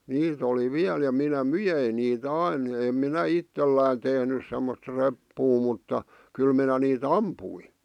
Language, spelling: Finnish, niitä oli vielä ja minä myin niitä aina en minä itselläni tehnyt semmoista reppua mutta kyllä minä niitä ammuin
- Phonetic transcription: 'niit ‿oli 'viäl ja 'minä "myjein nii't ‿ain 'em minä "ittellä̀in tehnys semmost 'reppuu mutta , 'kyl minä nii"t ‿ampui .

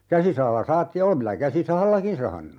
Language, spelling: Finnish, käsisahalla sahattiin ja olen minä käsisahallakin sahannut
- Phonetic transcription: "käsisahalla 'sahattiij ja 'o(le)m minä 'käsi"sahallakin 'sahannu .

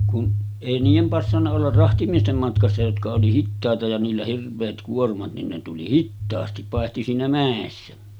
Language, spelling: Finnish, kun ei niiden passannut olla rahtimiesten matkassa jotka oli hitaita ja niillä hirveät kuormat niin ne tuli hitaasti paitsi siinä mäessä
- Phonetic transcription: kun , 'èi niijem passanna ollar 'rahtimiestem matkassa jotka oli "hittàeta ja niillä 'hirv̆veet 'kuormat nin ne tuli 'hittaasti , pàehti siinä 'mä̀essä .

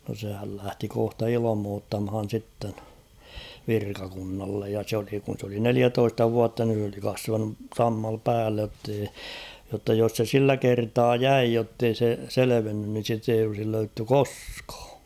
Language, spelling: Finnish, no sehän lähti kohta ilmoittamaan sitten virkakunnalle ja se oli kun se oli neljätoista vuotta niin se oli kasvanut sammalta päälle jotta ei jotta jos se sillä kertaa jäi jotta ei se selvinnyt niin sitä ei olisi löydetty koskaan
- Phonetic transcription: no sehäl lähti 'kohta 'ilᵃmoottamhan̬ sitten , "virkakunnallej ja s ‿oli kun̬ s ‿oli "neliätoista 'vuatta (nin̬ s ‿oli) 'kasvanu , "sammal 'päällej jottei , jotta jos se "sillä 'kertaa "jäi jottei se "selevennyn nin̬ 'sit ‿eij ‿olsil 'löytty "koskᴀᴀ .

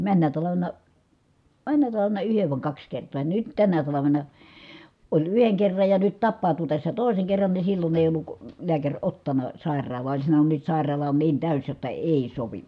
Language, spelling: Finnish, menneenä talvena menneenä talvena yhden vai kaksi kertaa ja nyt tänä talvena oli yhden kerran ja nyt tapautui tässä toisen kerran niin silloin ei ollut lääkäri ottanut sairaalaan oli sanonut nyt sairaala on niin täysi jotta ei sovi
- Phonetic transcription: männä talavena , männä talavena yhev vài̮ kaks kert̀oo ja nyt tänä talavena , oĺ yheŋ kerraj ja nyt tappàu̬tu tässä tòi̮seŋ kerran ni sillon ‿èi olluk , liäkäŕ ottana , sàer̆raal̀aa oĺ sanonun » nyt sài̮r̆raala on niin tä̀ys jotta èi sovi » .

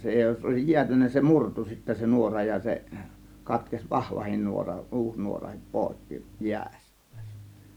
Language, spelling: Finnish, se jos olisi jäätynyt se murtui sitten se nuora ja ja se katkesi vahvakin nuora uusi nuorakin poikki jäissä
- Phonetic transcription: 'se jos òėsij 'jiätynnä se "murtu sittä se 'nuora ja , ja 'se katkes "vahvahin 'nuora , 'ˀuus nuorahip "pòekki jiäs(sÄ) .

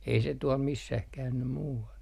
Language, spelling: Finnish, ei se tuolla missään käynyt muualla
- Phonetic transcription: ei se 'tuɔl missäh 'käynny "muu₍al .

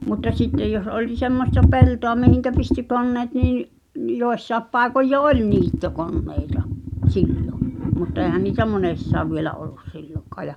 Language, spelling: Finnish, mutta sitten jos oli semmoista peltoa mihin pystyi koneet niin ne - jossakin paikoin jo oli niittokoneita silloin mutta eihän niitä monessakaan vielä ollut silloinkaan ja
- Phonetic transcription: mutta 'sittej jos olⁱ 'semmosta "peltoa mihiŋkä pisty 'konneet nii nⁱ , ⁿ- "joessaep pàekoj jo "oĺ 'niitto'konneita , "sillo , mutta 'eehän niitä "monessaav vielä ollus 'sillokaa ja .

